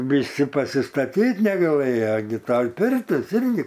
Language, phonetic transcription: Lithuanian, viˈsi pasiˈstatyt negaˈlɘja gi ˈtoj ˈpirtis ˈirgi

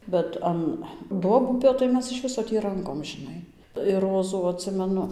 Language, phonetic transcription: Lithuanian, bet ˈan ˈduobupio tai ˈmes iš ˈviso tį ˈrankom žiˈnai ir ˈrozų atˈsimenu

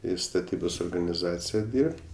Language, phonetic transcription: Lithuanian, i staˈtybos organiˈzacija ˈdyrb't'

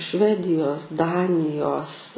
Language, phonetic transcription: Lithuanian, ˈšvedijos ˈdanijos

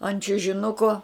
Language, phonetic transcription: Lithuanian, ant čiužiˈnuko

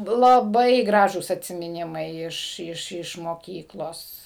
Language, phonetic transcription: Lithuanian, laˈbai ˈgražūs atsimiˈnimai ˈiš ˈiš iš moˈkyklos

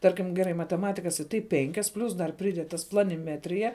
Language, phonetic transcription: Lithuanian, ˈtarkim geˈrai mateˈmatikas i ˈtai ˈpenkias ˈplius dar priˈded tas planiˈmetrija

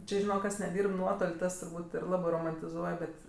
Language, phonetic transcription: Lithuanian, ˈči žiˈnok ˈkas neˈdyrb ˈnuotol' ˈtas turˈbūt' ir ˈlabɜ romantiˈzuoj ˈbet

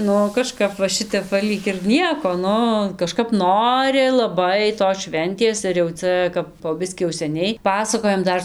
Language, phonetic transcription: Lithuanian, ˈnu kaˈžkap va ˈšitep ˈva ˈlyg ir ˈnieko ˈnu kaˈžkap ˈnori laˈbai tos ˈšventės ir jau ˈcia kap po ˈbiskį jau seˈniai ˈpasakojam ˈdar

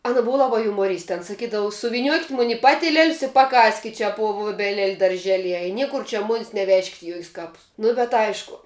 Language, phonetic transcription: Lithuanian, ˈana ˈbuva ˈlaba jumoˈryste an saˈkydavu suviˈniuokit' mun' i ˈpatiliel's i paˈkaskit' čia puo vuobeˈlel' darˈželieje i ˈniekur čia ˈmunis neˈvežkit' i ˈjokis ˈkapus nu bet ˈaišku

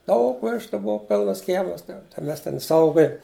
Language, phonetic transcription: Lithuanian, ˈdaug ˈveštu ˈbov ˈpilnas ˈkiemas tai ˈmes ˈten ˈsaugoja

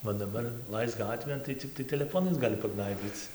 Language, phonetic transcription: Lithuanian, o daˈbar ˈlaisk ˈgatvėn tai ˈciktai teleˈfonais ˈgali paˈgnaibyc

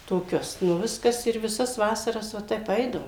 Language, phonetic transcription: Lithuanian, toˈkius nu ˈviskas ir viˈsas ˈvasaras va ˈtep ˈeidavom

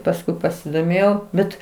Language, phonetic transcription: Lithuanian, pasˈkui pasidoˈmėjau ˈbet

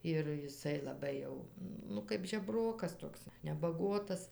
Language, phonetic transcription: Lithuanian, ir jiˈsai laˈbai jau nu ˈkaip žeˈbrokas ˈtoks nebaˈguotas

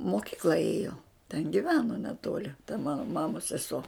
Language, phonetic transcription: Lithuanian, moˈkikla ˈėjo ten giˈveno neˈtoli ta ˈmano ˈmamos seˈso

